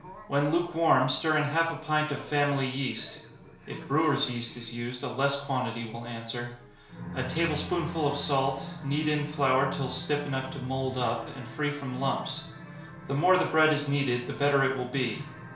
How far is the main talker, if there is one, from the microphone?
1.0 m.